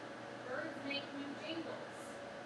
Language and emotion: English, neutral